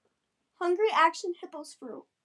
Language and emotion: English, sad